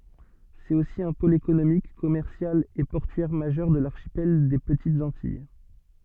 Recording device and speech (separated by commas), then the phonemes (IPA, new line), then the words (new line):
soft in-ear microphone, read sentence
sɛt osi œ̃ pol ekonomik kɔmɛʁsjal e pɔʁtyɛʁ maʒœʁ də laʁʃipɛl de pətitz ɑ̃tij
C'est aussi un pôle économique, commercial et portuaire majeur de l'archipel des Petites Antilles.